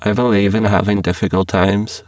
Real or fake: fake